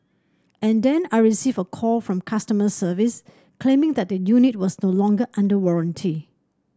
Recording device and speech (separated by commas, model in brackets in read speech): standing microphone (AKG C214), read sentence